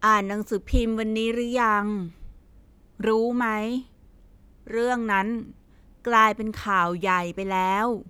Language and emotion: Thai, frustrated